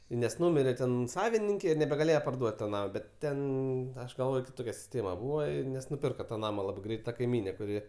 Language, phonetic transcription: Lithuanian, nes ˈnumirė ˈten ˈsavininkė ir nebegaˈlėje parˈduot' to ˈnamo ˈbet ˈten ˈaš galˈvoj kiˈtokia siˈstėma ˈbūva i nes nuˈpirka ta ˈnama ˈlabai ˈgreit ta kaiˈmynė kuˈri

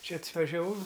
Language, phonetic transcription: Lithuanian, ˈčia atvažiaˈvau

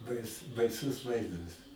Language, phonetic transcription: Lithuanian, ˈbais baiˈsus ˈvaizdas

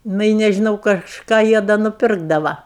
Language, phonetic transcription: Lithuanian, ˈnu i nežiˈnau kažˈką ˈjie da nuˈpirkdava

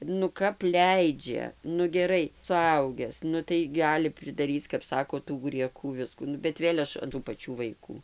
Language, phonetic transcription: Lithuanian, nu ˈkap ˈleidžia nu geˈrai suˈaugęs ˈnu tai ˈgali pridaˈryc kap ˈsako tų grieˈkų ˈviskų ˈnu bet ˈvėl' ˈaš an tų paˈčių vaiˈkų

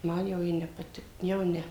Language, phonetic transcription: Lithuanian, ˈman jau ˈji ne paˈtik jau ˈne

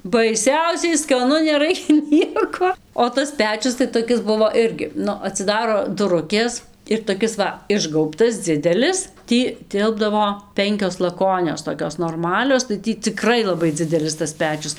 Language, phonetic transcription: Lithuanian, baiˈsiausiai skaˈnu neˈraikia ˈnieko o ˈtas ˈpečius tai toˈkis ˈbuvo ˈirgi ˈnu atsiˈdaro duˈrukės ir toˈkis va ˈišgaubtas ˈdzidelis ˈtį ˈtilpdavo ˈpenkios laˈkonios toˈkios norˈmalios tai ˈtį ciˈkrai laˈbai ˈdzidelis tas ˈpečius

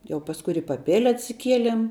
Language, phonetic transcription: Lithuanian, jau pasˈkui ir i paˈpėle atsiˈkielem

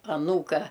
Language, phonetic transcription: Lithuanian, aˈnūka

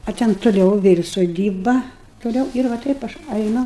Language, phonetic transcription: Lithuanian, a ˈten tuˈliau ˈvėl' soˈdyba toˈliau ir va ˈtaip aš ˈainu

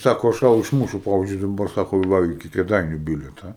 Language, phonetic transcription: Lithuanian, ˈsako aš ˈtau išˈmūšiu ˈpavizdžiui daˈbar ˈsako ˈva iˈki kėˈdainiu ˈbilieta

